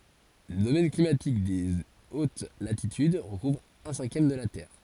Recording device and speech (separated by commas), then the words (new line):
forehead accelerometer, read sentence
Le domaine climatique des hautes latitudes recouvre un cinquième de la Terre.